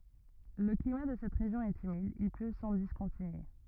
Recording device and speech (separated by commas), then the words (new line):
rigid in-ear microphone, read sentence
Le climat de cette région est humide, il pleut sans discontinuer.